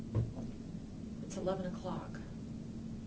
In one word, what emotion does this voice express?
neutral